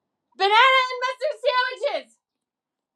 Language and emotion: English, surprised